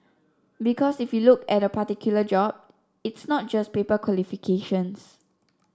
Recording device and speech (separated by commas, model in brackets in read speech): standing microphone (AKG C214), read sentence